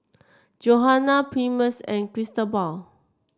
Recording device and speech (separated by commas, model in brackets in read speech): standing microphone (AKG C214), read sentence